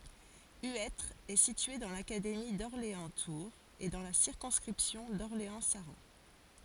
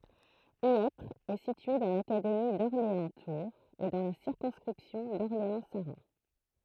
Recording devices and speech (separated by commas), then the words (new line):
forehead accelerometer, throat microphone, read sentence
Huêtre est situé dans l'académie d'Orléans-Tours et dans la circonscription d'Orléans-Saran.